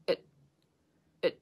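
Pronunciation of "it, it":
In 'it', the vowel is reduced to a schwa.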